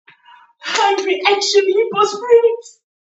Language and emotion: English, happy